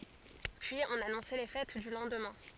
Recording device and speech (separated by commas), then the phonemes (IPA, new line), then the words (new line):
forehead accelerometer, read sentence
pyiz ɔ̃n anɔ̃sɛ le fɛt dy lɑ̃dmɛ̃
Puis on annonçait les fêtes du lendemain.